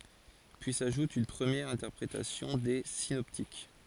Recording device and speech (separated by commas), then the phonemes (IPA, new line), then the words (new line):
forehead accelerometer, read sentence
pyi saʒut yn pʁəmjɛʁ ɛ̃tɛʁpʁetasjɔ̃ de sinɔptik
Puis s'ajoute une première interprétation des synoptiques.